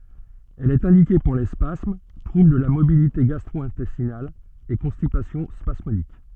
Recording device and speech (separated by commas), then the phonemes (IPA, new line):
soft in-ear microphone, read sentence
ɛl ɛt ɛ̃dike puʁ le spasm tʁubl də la motilite ɡastʁwɛ̃tɛstinal e kɔ̃stipasjɔ̃ spasmodik